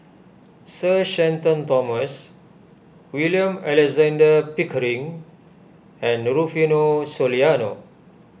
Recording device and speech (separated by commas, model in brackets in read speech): boundary microphone (BM630), read sentence